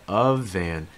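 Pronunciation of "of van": In 'of an', the f sound links to 'an' and takes on a slight voice sound, so it sounds more like a v, as in 'of van'.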